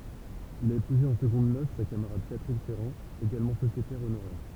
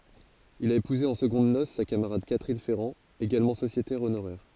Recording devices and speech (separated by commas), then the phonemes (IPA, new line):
temple vibration pickup, forehead accelerometer, read sentence
il a epuze ɑ̃ səɡɔ̃d nos sa kamaʁad katʁin fɛʁɑ̃ eɡalmɑ̃ sosjetɛʁ onoʁɛʁ